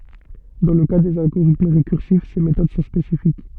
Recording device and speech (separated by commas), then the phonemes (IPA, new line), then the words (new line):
soft in-ear microphone, read sentence
dɑ̃ lə ka dez alɡoʁitm ʁekyʁsif se metod sɔ̃ spesifik
Dans le cas des algorithmes récursifs, ces méthodes sont spécifiques.